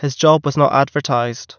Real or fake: real